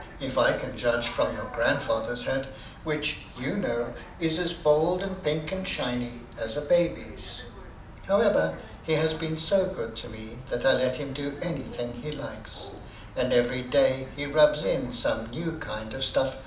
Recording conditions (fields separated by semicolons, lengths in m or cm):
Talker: one person; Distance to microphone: 2.0 m; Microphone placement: close; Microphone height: 99 cm; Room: medium-sized (5.7 m by 4.0 m); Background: television